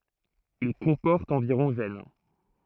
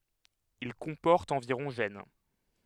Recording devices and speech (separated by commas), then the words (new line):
throat microphone, headset microphone, read sentence
Il comporte environ gènes.